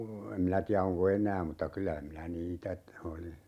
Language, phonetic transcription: Finnish, 'em minä tiä 'oŋko "en̆nää mutta 'kylä minä "niitä ‿t- , oli .
- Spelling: en minä tiedä onko enää mutta kyllä minä niitä - oli

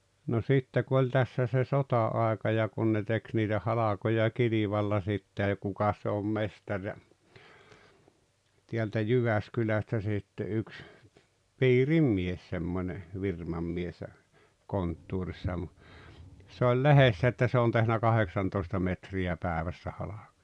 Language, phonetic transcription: Finnish, no 'sitte ku oĺ tässä se "sota₍aeka ja 'kun ne 'tek niitä 'halakoja "kilivalla sitte (ja) 'kukas se om "mestaŕ ja , tiältä "Jyväskylästä sitte yks , "piirim 'mies semmońe , 'virmam mies (ja) , 'konttuurissa ja mu- , se oĺ "lehessä että 'se on tehnä "kaheksantoista metri₍ä "päävässä 'hala(kᴏᴊᴀ) .
- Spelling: no sitten kun oli tässä se sota-aika ja kun ne teki niitä halkoja kilvalla sitten ja kukas se on mestari ja täältä Jyväskylästä sitten yksi piirin mies semmoinen firman mies ja konttorissa ja - se oli lehdessä että se on tehnyt kahdeksantoista metriä päivässä halkoja

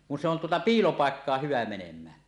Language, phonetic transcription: Finnish, kun se ‿on tuota "piilopàekkaah 'hyvä 'menem̀ään .
- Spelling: kun se on tuota piilopaikkaan hyvä menemään

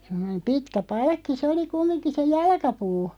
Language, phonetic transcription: Finnish, 'sem̆monem 'pitkä "palkki sᵉ oli 'kummiŋki se "jalkapuu .
- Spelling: semmoinen pitkä palkki se oli kumminkin se jalkapuu

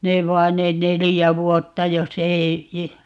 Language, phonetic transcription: Finnish, 'nev 'vain 'ne "nelijä 'vuotta jos ‿'ei , .
- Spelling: ne vain ne neljä vuotta jos ei

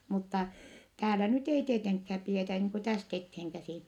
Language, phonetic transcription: Finnish, mutta , täälä nyt ei tieteŋkhääp pietä , niiŋ ku täst etheeŋkäsìn .
- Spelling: mutta täällä nyt ei tietenkään pidetä niin kuin tästä eteenkäsin

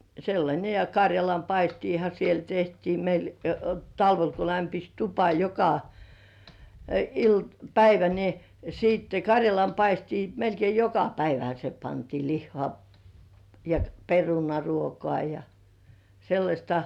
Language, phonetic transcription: Finnish, sellańe ja 'kaŕjalam"paistiiha siel 'tehtii meil , "talvel ko 'lämpis "tupa joka 'ilt- , "päivä ni , siitte "kaŕjalam 'paistii melkei "joka 'päivähä s(e) pantii "lihhŏà , ja 'perunaruokoà ja , sellaśta .
- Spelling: sellainen ja karjalanpaistiahan siellä tehtiin meillä talvella kun lämpisi tupa joka - päivä niin sitten karjalan paistia melkein joka päivähän se pantiin lihaa ja perunaruokaa ja sellaista

